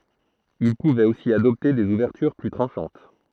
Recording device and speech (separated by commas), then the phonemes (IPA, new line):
throat microphone, read sentence
il puvɛt osi adɔpte dez uvɛʁtyʁ ply tʁɑ̃ʃɑ̃t